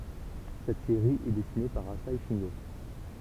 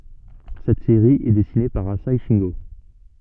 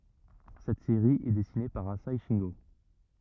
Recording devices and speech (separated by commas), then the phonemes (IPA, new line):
temple vibration pickup, soft in-ear microphone, rigid in-ear microphone, read sentence
sɛt seʁi ɛ dɛsine paʁ aze ʃɛ̃ɡo